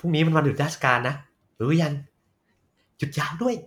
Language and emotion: Thai, happy